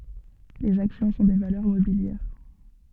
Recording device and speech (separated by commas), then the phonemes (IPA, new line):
soft in-ear microphone, read sentence
lez aksjɔ̃ sɔ̃ de valœʁ mobiljɛʁ